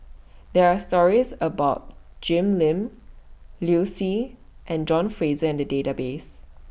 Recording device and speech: boundary microphone (BM630), read sentence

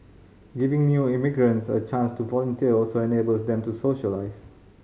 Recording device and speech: mobile phone (Samsung C5010), read sentence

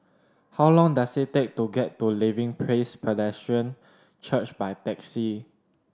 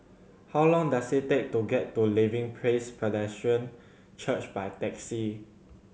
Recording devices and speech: standing microphone (AKG C214), mobile phone (Samsung C7100), read sentence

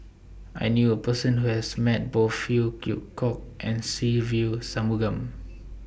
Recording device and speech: boundary microphone (BM630), read sentence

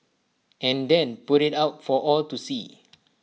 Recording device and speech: mobile phone (iPhone 6), read sentence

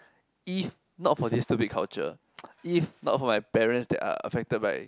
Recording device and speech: close-talking microphone, conversation in the same room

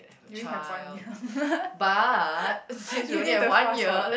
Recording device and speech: boundary microphone, conversation in the same room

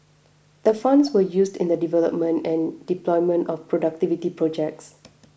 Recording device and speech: boundary microphone (BM630), read sentence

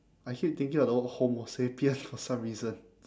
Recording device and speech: standing microphone, conversation in separate rooms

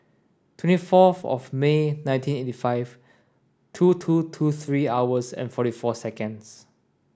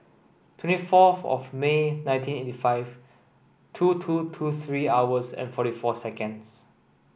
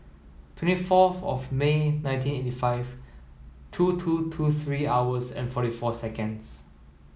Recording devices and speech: standing microphone (AKG C214), boundary microphone (BM630), mobile phone (iPhone 7), read sentence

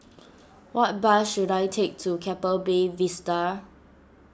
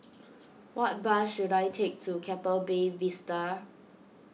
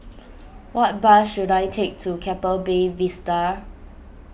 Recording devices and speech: standing microphone (AKG C214), mobile phone (iPhone 6), boundary microphone (BM630), read sentence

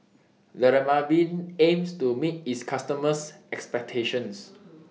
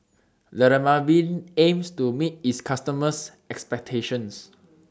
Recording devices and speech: mobile phone (iPhone 6), standing microphone (AKG C214), read sentence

